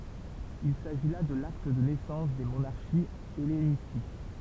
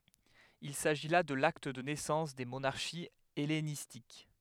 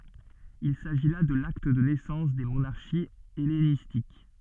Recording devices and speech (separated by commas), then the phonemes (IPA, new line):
temple vibration pickup, headset microphone, soft in-ear microphone, read sentence
il saʒi la də lakt də nɛsɑ̃s de monaʁʃiz ɛlenistik